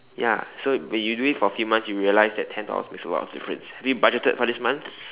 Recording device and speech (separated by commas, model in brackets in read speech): telephone, conversation in separate rooms